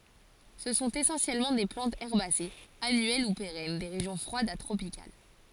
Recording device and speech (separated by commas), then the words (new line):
forehead accelerometer, read sentence
Ce sont essentiellement des plantes herbacées, annuelles ou pérennes, des régions froides à tropicales.